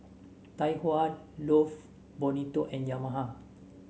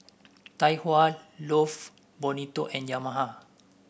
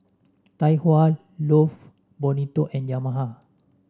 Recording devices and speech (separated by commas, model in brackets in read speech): mobile phone (Samsung S8), boundary microphone (BM630), standing microphone (AKG C214), read sentence